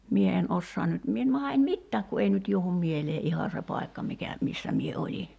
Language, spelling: Finnish, minä en osaa nyt minä en mahda en mitään kun ei nyt johdu mieleen ihan se paikka mikä missä minä olin
- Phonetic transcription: "mie en 'ossoan nyt , 'mie en 'maha en "mittääk ku ei nyt 'juohum 'mielee "’iha se 'pai̬kka mikä , 'missä mie 'oĺi .

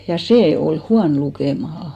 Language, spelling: Finnish, ja se oli huono lukemaan
- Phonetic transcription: ja "see ol 'huan lukèmaha .

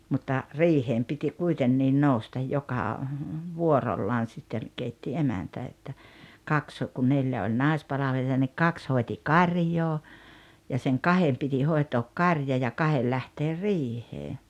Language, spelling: Finnish, mutta riiheen piti kuitenkin nousta joka vuorollaan sitten keitti emäntä että kaksi kun neljä oli naispalvelijaa niin kaksi hoiti karjaa ja sen kahden piti hoitaa karja ja kahden lähteä riiheen
- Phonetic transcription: mutta , "riiheem piti 'kuitenniin "noustaj 'joka , "vuorollaan̬ 'sitten , 'keitti "emäntä että , 'kaks , kun 'neljä oĺ "nài̬spalaveli₍a nik "kaks 'hoeti "kaŕjoo , ja seŋ "kahem piti 'hoi̬took "karja ja "kahel 'lähteer "riihee .

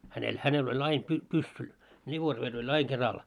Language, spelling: Finnish, hänellä hänellä oli aina - pyssy revolveri oli aina keralla
- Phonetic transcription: hänel , 'hänel oĺ aim py- 'pussu , ĺivorver oĺ 'ai keral .

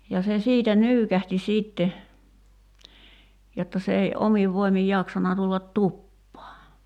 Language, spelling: Finnish, ja se siitä nyykähti sitten jotta se ei omin voimin jaksanut tulla tupaan
- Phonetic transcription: ja se 'siitä "nyykähti 'siitte , jotta se ei '’omiv voimij 'jaksana tullat "tuppaa .

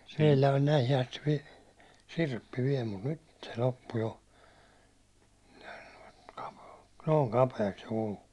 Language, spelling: Finnish, meillä on näihin asti - sirppi vielä mutta nyt se loppu jo niin kapea noin kapeaksi se kuluu
- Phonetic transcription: meillä on näihi asti vi- , 'sirppi viɛl mut "nyt se 'loppu jo , ɴᴀ̈ɪɴ kᴀpᴇᴇ , nooŋ 'kapeeks se kulu .

